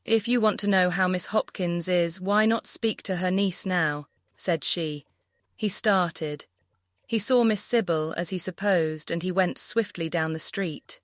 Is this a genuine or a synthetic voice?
synthetic